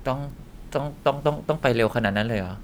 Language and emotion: Thai, neutral